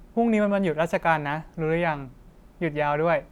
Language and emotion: Thai, neutral